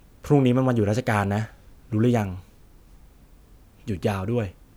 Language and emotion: Thai, frustrated